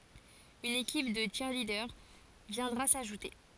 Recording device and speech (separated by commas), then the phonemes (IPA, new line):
forehead accelerometer, read sentence
yn ekip də tʃiʁlidœʁ vjɛ̃dʁa saʒute